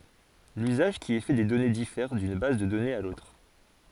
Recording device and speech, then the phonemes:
forehead accelerometer, read sentence
lyzaʒ ki ɛ fɛ de dɔne difɛʁ dyn baz də dɔnez a lotʁ

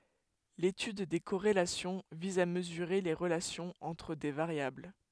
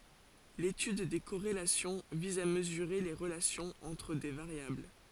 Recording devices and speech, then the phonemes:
headset microphone, forehead accelerometer, read sentence
letyd de koʁelasjɔ̃ viz a məzyʁe le ʁəlasjɔ̃z ɑ̃tʁ de vaʁjabl

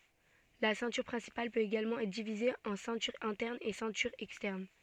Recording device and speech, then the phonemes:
soft in-ear microphone, read sentence
la sɛ̃tyʁ pʁɛ̃sipal pøt eɡalmɑ̃ ɛtʁ divize ɑ̃ sɛ̃tyʁ ɛ̃tɛʁn e sɛ̃tyʁ ɛkstɛʁn

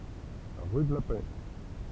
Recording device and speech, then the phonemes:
temple vibration pickup, read sentence
ʁy də la pɛ

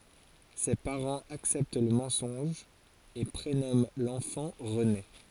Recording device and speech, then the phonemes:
forehead accelerometer, read sentence
se paʁɑ̃z aksɛpt lə mɑ̃sɔ̃ʒ e pʁenɔmɑ̃ lɑ̃fɑ̃ ʁəne

